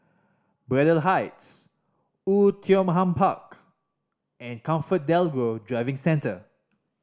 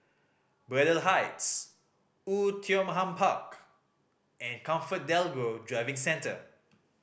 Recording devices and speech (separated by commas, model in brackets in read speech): standing microphone (AKG C214), boundary microphone (BM630), read sentence